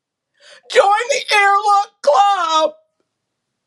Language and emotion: English, fearful